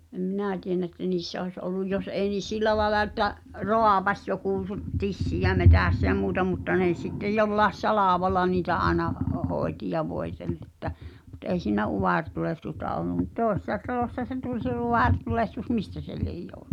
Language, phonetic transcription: Finnish, ᵉˉ , em 'minä̀ tienä että 'niissä oĭs olluj 'jos ei nìs̳ "sil̆lä laĕla että’ , "rò̳à̳pas jokù (su’-) , 'tissiʲä metä̀ssä ʲä 'muuta mutta nè s- sittej 'jollaes "salàvalla niitä ’aena , hᵒˉ 'hòi̬ti ja 'voitelˡ ‿ᵉttä , mut '’ei siinä "uvàrtulehtusta ollum mᵘt "tòesⁱssa 'talòśsa se tuĺ se 'uwàr'tulehtus "mistä se liej (jòʰtᴜ̀)[nna] .
- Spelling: - en minä tiedä että niissä olisi ollut jos ei niissä sillä lailla että raapaisi joku - tissiä metsässä ja muuta mutta ne - sitten jollakin salvalla niitä aina - hoiti ja voiteli että mutta ei siinä utaretulehdusta ollut mutta toisessa talossa se tuli se utaretulehdus mistä se lie johtunut

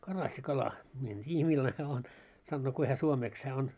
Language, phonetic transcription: Finnish, 'karassi'kala , mie en 't́iijä millane on , sannoo 'kui hä 'suomeeks hää on .
- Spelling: karassikala minä en tiedä millainen on sanoo kuinka hän suomeksi hän on

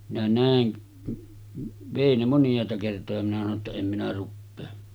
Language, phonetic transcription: Finnish, minä 'nä̀en , vèi ne 'monj̀àeta kertoja minä sano ‿tta » 'em minä ruppee « .
- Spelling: minä näen vei ne moniaita kertoja minä sanoin jotta en minä rupea

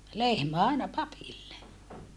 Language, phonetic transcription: Finnish, lehmä aina papille .
- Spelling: lehmä aina papille

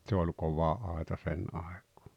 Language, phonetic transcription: Finnish, tse oĺ 'kova 'àeta 'sen àek̀ᴏᴏ .
- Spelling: se oli kova aita sen aikaa

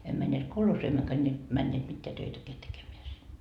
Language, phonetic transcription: Finnish, em männeet 'kolhoosii emmökä ńe , männeet 'mitteä 'töitäkeä tekemeä sin .
- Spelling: emme menneet kolhoosiin emmekä ne menneet mitään töitäkään tekemään sinne

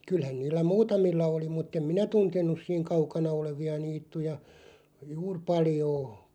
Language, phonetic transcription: Finnish, 'kylhän 'niillä "muutamilla oli 'mutt ‿em "minä 'tunten̆nuˢ siiŋ 'kaukana olevi₍a 'niittuja , "juur 'paljoo .
- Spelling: kyllähän niillä muutamilla oli mutta en minä tuntenut siinä kaukana olevia niittyjä juuri paljoa

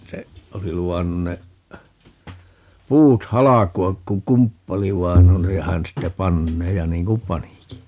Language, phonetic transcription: Finnish, 'se , 'oli "lu₍annun ne , 'puut "halaku₍ak ku "kumppali 'vain ‿on ja 'hän ste "pannee ja 'niiŋ kum "paniki .
- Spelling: se oli luvannut ne puut halkoa kun kumppani vain on ja hän sitten panee ja niin kuin panikin

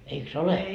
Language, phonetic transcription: Finnish, eik"s ‿ole ?
- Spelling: eikös ole

